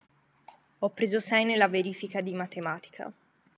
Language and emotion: Italian, neutral